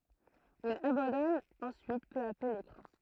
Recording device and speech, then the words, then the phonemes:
throat microphone, read sentence
Il abandonne ensuite peu à peu l'écran.
il abɑ̃dɔn ɑ̃syit pø a pø lekʁɑ̃

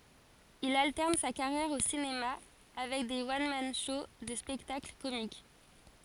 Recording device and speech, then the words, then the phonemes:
forehead accelerometer, read sentence
Il alterne sa carrière au cinéma avec des one-man shows de spectacles comiques.
il altɛʁn sa kaʁjɛʁ o sinema avɛk de wɔn man ʃow də spɛktakl komik

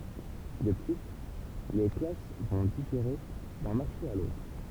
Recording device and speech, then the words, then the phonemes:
temple vibration pickup, read sentence
De plus, les classes vont différer d'un marché à l'autre.
də ply le klas vɔ̃ difeʁe dœ̃ maʁʃe a lotʁ

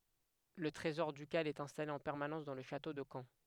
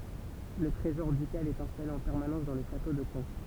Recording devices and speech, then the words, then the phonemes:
headset microphone, temple vibration pickup, read sentence
Le trésor ducal est installé en permanence dans le château de Caen.
lə tʁezɔʁ dykal ɛt ɛ̃stale ɑ̃ pɛʁmanɑ̃s dɑ̃ lə ʃato də kɑ̃

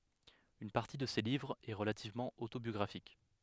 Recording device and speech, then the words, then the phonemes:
headset microphone, read sentence
Une partie de ces livres est relativement autobiographique.
yn paʁti də se livʁz ɛ ʁəlativmɑ̃ otobjɔɡʁafik

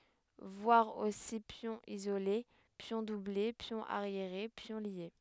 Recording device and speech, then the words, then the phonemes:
headset microphone, read sentence
Voir aussi pion isolé, pions doublés, pion arriéré, pions liés.
vwaʁ osi pjɔ̃ izole pjɔ̃ duble pjɔ̃ aʁjeʁe pjɔ̃ lje

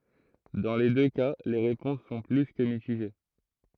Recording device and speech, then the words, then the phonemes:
throat microphone, read sentence
Dans les deux cas les réponses sont plus que mitigées.
dɑ̃ le dø ka le ʁepɔ̃s sɔ̃ ply kə mitiʒe

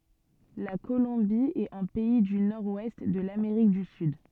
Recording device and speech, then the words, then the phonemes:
soft in-ear microphone, read sentence
La Colombie est un pays du nord-ouest de l’Amérique du Sud.
la kolɔ̃bi ɛt œ̃ pɛi dy nɔʁ wɛst də lameʁik dy syd

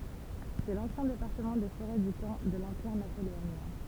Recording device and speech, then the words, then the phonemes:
temple vibration pickup, read sentence
C'est l'ancien département des Forêts du temps de l'Empire napoléonien.
sɛ lɑ̃sjɛ̃ depaʁtəmɑ̃ de foʁɛ dy tɑ̃ də lɑ̃piʁ napoleonjɛ̃

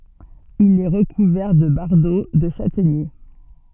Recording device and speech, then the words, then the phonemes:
soft in-ear microphone, read sentence
Il est recouvert de bardeaux de châtaignier.
il ɛ ʁəkuvɛʁ də baʁdo də ʃatɛɲe

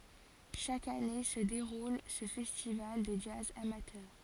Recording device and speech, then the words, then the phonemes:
forehead accelerometer, read sentence
Chaque année se déroule ce festival de jazz amateur.
ʃak ane sə deʁul sə fɛstival də dʒaz amatœʁ

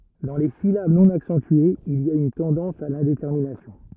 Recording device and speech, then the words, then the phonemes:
rigid in-ear microphone, read sentence
Dans les syllabes non accentuées, il y a une tendance à l'indétermination.
dɑ̃ le silab nɔ̃ aksɑ̃tyez il i a yn tɑ̃dɑ̃s a lɛ̃detɛʁminasjɔ̃

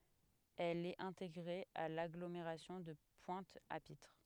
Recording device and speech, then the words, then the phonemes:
headset microphone, read sentence
Elle est intégrée à l'agglomération de Pointe-à-Pitre.
ɛl ɛt ɛ̃teɡʁe a laɡlomeʁasjɔ̃ də pwɛ̃t a pitʁ

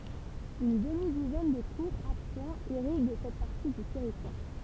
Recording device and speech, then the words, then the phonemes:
temple vibration pickup, read sentence
Une demi-douzaine de courts affluents irriguent cette partie du territoire.
yn dəmi duzɛn də kuʁz aflyɑ̃z iʁiɡ sɛt paʁti dy tɛʁitwaʁ

